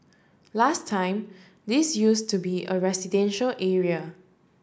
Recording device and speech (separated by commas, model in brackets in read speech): standing microphone (AKG C214), read sentence